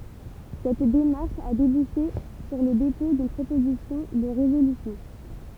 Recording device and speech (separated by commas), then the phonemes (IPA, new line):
temple vibration pickup, read sentence
sɛt demaʁʃ a debuʃe syʁ lə depɔ̃ dyn pʁopozisjɔ̃ də ʁezolysjɔ̃